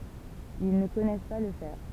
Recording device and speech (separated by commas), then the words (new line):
temple vibration pickup, read sentence
Ils ne connaissent pas le fer.